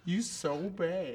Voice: deep voice